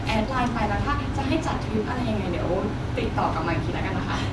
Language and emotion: Thai, neutral